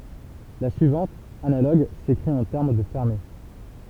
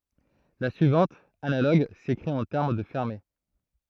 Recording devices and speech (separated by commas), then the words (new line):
temple vibration pickup, throat microphone, read sentence
La suivante, analogue, s'écrit en termes de fermés.